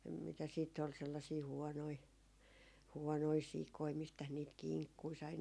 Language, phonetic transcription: Finnish, mitäs siitt ‿ol sellasii 'huɔnoi , 'huɔnoi "sikoi mistäs niit "kiŋkkui sai .
- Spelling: mitäs sitten oli sellaisia huonoja huonoja sikoja mistäs niitä kinkkuja sai

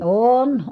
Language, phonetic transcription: Finnish, ooon .
- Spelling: on

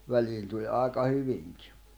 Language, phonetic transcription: Finnish, 'väliin tuĺ "’àeka 'hyviŋkɪ .
- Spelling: väliin tuli aika hyvinkin

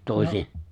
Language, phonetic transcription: Finnish, 'toesi-
- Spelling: -

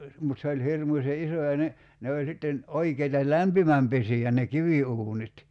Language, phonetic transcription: Finnish, mut se oĺ 'hirmuśe "’iso ja ne , 'ne oĺ sitten , 'oikeita "lämpimämpesi₍ä ne "kivi₍uunit .
- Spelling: mutta se oli hirmuisen iso ja ne ne oli sitten oikeita lämpimänpesiä ne kiviuunit

